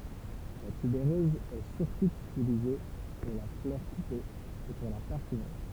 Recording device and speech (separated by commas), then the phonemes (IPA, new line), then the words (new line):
temple vibration pickup, read sentence
la tybeʁøz ɛ syʁtu ytilize puʁ la flœʁ kupe e puʁ la paʁfymʁi
La tubéreuse est surtout utilisée pour la fleur coupée et pour la parfumerie.